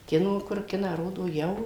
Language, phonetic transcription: Lithuanian, ˈkino kur ˈkiną ˈrodo jau

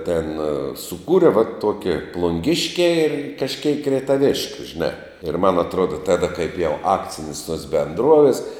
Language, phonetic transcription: Lithuanian, tėn suˈkūre va ˈtokia plunˈgiškiā i kažˈkeik reitaˈviškiu žiˈnā ir man atˈruoda ˈtada kaip jau ˈakcinis tuos benˈdruovis

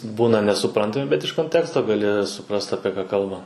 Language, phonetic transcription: Lithuanian, ˈbūna nesuˈprantami bet iš konˈteksto gaˈli suˈprast apie ˈką ˈkalba

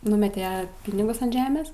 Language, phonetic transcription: Lithuanian, ˈnumete ˈpinigus ant ˈžemės

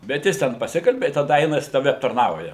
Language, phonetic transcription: Lithuanian, bet ˈjis ten paˈsikalbi i taˈda ˈaina jis ˈtave aptarˈnauja

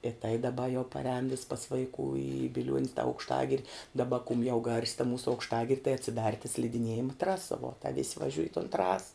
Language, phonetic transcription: Lithuanian, i tai daˈba jau paˈrēn vis pas vaiˈkų i biˈliuon's ta aukšˈtagiri daˈba kum jau gars' ta ˈmūsu aukšˈtagir' tai atsiˈdar ta slidiˈniejima ˈtrasa vuo ta vis' vaˈžiuj i ton ˈtrasa

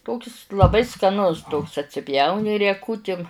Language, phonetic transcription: Lithuanian, ˈtokis laˈbai skaˈnus ˈtoks atsiˈpjauni rieˈkutim

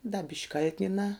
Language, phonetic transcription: Lithuanian, da bišk' ˈkal'tninā

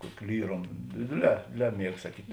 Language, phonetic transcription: Lithuanian, ˈkuoki ˈlyrom ˈdėdėˌlē ˈdėdėˌlē ˈmieg saˈkyt'

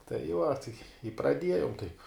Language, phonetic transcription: Lithuanian, tai ˈva tai i praˈdiejom taip

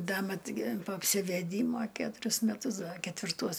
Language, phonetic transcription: Lithuanian, ˈda ˈmat gi po apsiveˈdymo ˈketurius meˈtus ˈda ketvirˈtuos

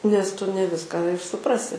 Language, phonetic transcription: Lithuanian, nes ˈtu ne ˈviską ir suˈprasi

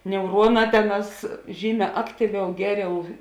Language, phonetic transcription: Lithuanian, neuˈruoˌnā ˈteˌnās ˈžyˌmē ˈaktyˌviau ˈgeˌriau

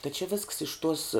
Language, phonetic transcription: Lithuanian, ta či visks iš tuos

